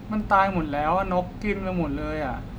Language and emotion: Thai, sad